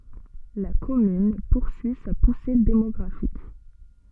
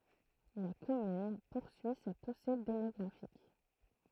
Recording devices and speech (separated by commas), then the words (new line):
soft in-ear microphone, throat microphone, read sentence
La commune poursuit sa poussée démographique.